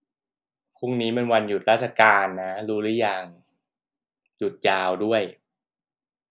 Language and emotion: Thai, frustrated